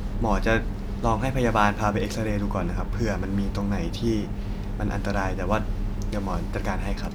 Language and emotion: Thai, neutral